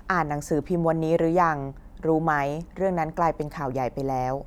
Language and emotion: Thai, neutral